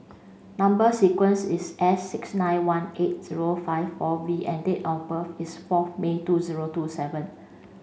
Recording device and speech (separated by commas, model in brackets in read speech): mobile phone (Samsung C5), read sentence